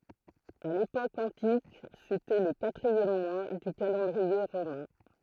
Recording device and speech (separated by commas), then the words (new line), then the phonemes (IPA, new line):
throat microphone, read sentence
À l’époque antique, c’était le quatrième mois du calendrier romain.
a lepok ɑ̃tik setɛ lə katʁiɛm mwa dy kalɑ̃dʁie ʁomɛ̃